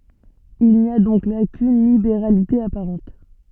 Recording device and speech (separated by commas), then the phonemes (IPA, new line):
soft in-ear microphone, read sentence
il ni a dɔ̃k la kyn libeʁalite apaʁɑ̃t